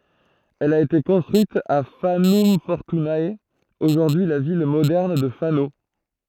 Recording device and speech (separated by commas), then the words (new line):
throat microphone, read sentence
Elle a été construite à Fanum Fortunae, aujourd’hui la ville moderne de Fano.